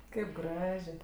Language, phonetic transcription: Lithuanian, ˈkaip ˈgražė

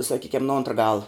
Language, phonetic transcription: Lithuanian, saˈkykem nu ˈontra ˈgala

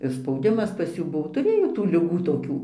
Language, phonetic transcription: Lithuanian, ir spauˈdimas pas ˈjų ˈbuvo tuˈrėjo tų liˈgų toˈkių

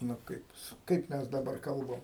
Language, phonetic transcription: Lithuanian, nu ˈkaip jis ˈkaip mes daˈbar ˈkalbam

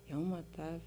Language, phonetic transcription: Lithuanian, ˈjau maˈtā

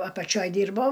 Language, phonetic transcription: Lithuanian, apaˈčioj ˈdyrbo

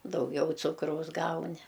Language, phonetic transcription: Lithuanian, dauˈgiau ˈcukraus ˈgauni

